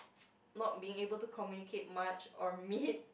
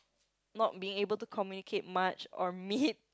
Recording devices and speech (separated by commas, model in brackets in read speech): boundary microphone, close-talking microphone, conversation in the same room